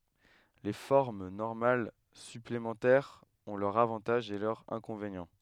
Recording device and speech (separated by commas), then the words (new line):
headset microphone, read sentence
Les formes normales supplémentaires ont leurs avantages et leurs inconvénients.